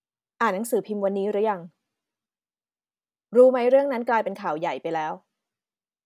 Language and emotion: Thai, frustrated